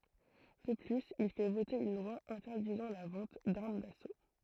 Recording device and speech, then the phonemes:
throat microphone, read sentence
də plyz il fɛ vote yn lwa ɛ̃tɛʁdizɑ̃ la vɑ̃t daʁm daso

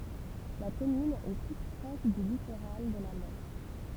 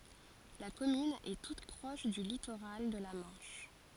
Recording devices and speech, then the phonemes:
temple vibration pickup, forehead accelerometer, read sentence
la kɔmyn ɛ tut pʁɔʃ dy litoʁal də la mɑ̃ʃ

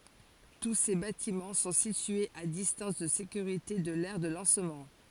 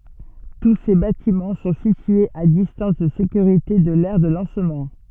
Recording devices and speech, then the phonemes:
forehead accelerometer, soft in-ear microphone, read sentence
tu se batimɑ̃ sɔ̃ sityez a distɑ̃s də sekyʁite də lɛʁ də lɑ̃smɑ̃

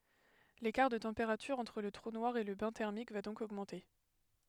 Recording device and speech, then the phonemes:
headset microphone, read sentence
lekaʁ də tɑ̃peʁatyʁ ɑ̃tʁ lə tʁu nwaʁ e lə bɛ̃ tɛʁmik va dɔ̃k oɡmɑ̃te

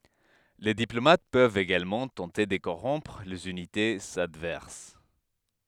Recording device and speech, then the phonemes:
headset microphone, read sentence
le diplomat pøvt eɡalmɑ̃ tɑ̃te də koʁɔ̃pʁ lez ynitez advɛʁs

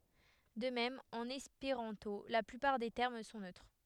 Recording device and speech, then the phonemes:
headset microphone, read sentence
də mɛm ɑ̃n ɛspeʁɑ̃to la plypaʁ de tɛʁm sɔ̃ nøtʁ

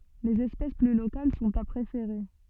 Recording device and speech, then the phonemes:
soft in-ear microphone, read sentence
lez ɛspɛs ply lokal sɔ̃t a pʁefeʁe

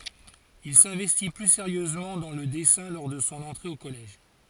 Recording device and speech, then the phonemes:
forehead accelerometer, read sentence
il sɛ̃vɛsti ply seʁjøzmɑ̃ dɑ̃ lə dɛsɛ̃ lɔʁ də sɔ̃ ɑ̃tʁe o kɔlɛʒ

